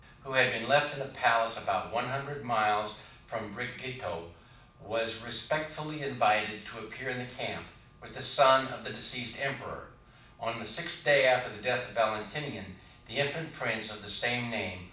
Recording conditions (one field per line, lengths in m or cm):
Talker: one person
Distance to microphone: 5.8 m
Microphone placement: far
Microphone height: 1.8 m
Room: medium-sized (5.7 m by 4.0 m)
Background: none